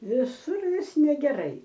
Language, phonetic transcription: Lithuanian, viˈsur ˈvis negeˈrai

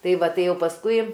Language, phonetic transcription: Lithuanian, ˈtai ˈva ˈtai ˈjau pasˈkui

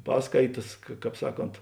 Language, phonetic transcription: Lithuanian, ˈpaskaitas ka ˈkāp ˈsaˌkont

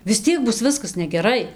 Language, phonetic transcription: Lithuanian, vis ˈtiek ˈbus ˈviskas negeˈrai

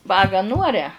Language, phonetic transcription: Lithuanian, ˈvagą ˈnūaria

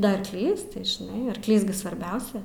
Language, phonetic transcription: Lithuanian, da arˈklys tai žiˈnai arkˈlys gi svarˈbiausia

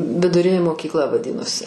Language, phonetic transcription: Lithuanian, viduˈrinė mokykˈla vaˈdinosi

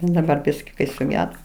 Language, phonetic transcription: Lithuanian, daˈbar ˈbiski kai suˈgedo

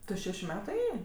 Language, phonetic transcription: Lithuanian, ˈtu ˈšešiu ˈmetu ˈėjė

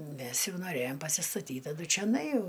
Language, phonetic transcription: Lithuanian, ˈmes ˈjau noˈræjom pasistaˈtyt taˈdu čioˈnai ˈjau

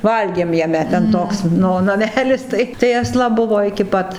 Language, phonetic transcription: Lithuanian, ˈvalgėm jaˈme ten ˈtoks ˈnu naˈmelis tai tai asˈla ˈbuvo iki ˈpat

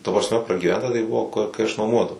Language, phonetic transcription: Lithuanian, ta prasˈme pragyˈventa tai ˈbuvo ku kai aš nuoˈmuodavau

